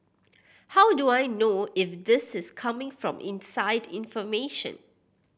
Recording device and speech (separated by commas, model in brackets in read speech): boundary microphone (BM630), read sentence